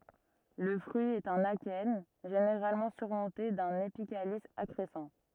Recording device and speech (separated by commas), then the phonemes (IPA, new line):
rigid in-ear microphone, read sentence
lə fʁyi ɛt œ̃n akɛn ʒeneʁalmɑ̃ syʁmɔ̃te dœ̃n epikalis akʁɛsɑ̃